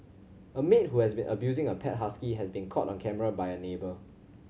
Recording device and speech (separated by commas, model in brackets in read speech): mobile phone (Samsung C7100), read sentence